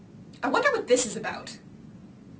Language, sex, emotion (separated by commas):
English, female, angry